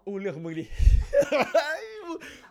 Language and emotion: Thai, happy